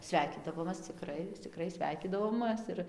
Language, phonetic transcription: Lithuanian, ˈsveikydavomas ciˈkrai ciˈkrai ˈsveikydavomɘs ir

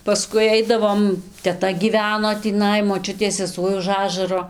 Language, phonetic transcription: Lithuanian, paˈskui ˈaidavom teˈta gyˈveno tįˈnai moˈčiutės seˈsuoj už ˈažaro

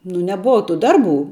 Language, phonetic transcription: Lithuanian, nu neˈbova tu ˈdarˌbų

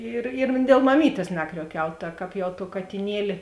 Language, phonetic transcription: Lithuanian, ˈir ir dėl maˈmytės ˈnakriuoˌkiau ta ˈkāp jau to katiˈnieli

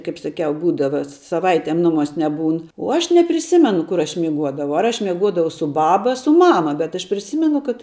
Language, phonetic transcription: Lithuanian, ˈkaip saˈkiau ˈbūdava saˈvaitėm ˈnuˌmuos' neˈbūn uo ˈaš nepriˈsimenu ˈkur aš miˈguodavau ar ˈaš' mieˈguodavau su ˈbaba a su ˈmama bet aš priˈsymenu kad

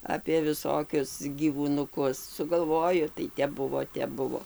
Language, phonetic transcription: Lithuanian, apė viˈsokius gyvūnuˈkus sugalˈvoju tai ˈtep ˈbuvo ˈtep ˈbuvo

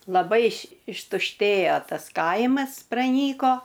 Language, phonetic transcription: Lithuanian, laˈbai iš ištušˈtėjo ˈtas ˈkaimas praˈnyko

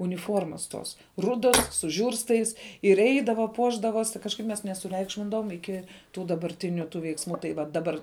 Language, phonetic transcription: Lithuanian, uniˈformas tos ˈrudos su ˈžiūrstais ir ˈeidava ˈpuošdavosi kažˈkaip mes nesuˈreikšmindavom ˈiki tų dabarˈtiniu tų veiksˈmų tai ˈva daˈbar

